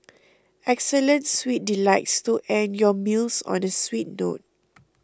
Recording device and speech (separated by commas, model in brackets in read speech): close-talking microphone (WH20), read sentence